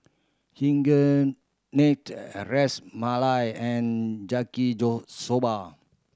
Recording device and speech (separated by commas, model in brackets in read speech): standing microphone (AKG C214), read sentence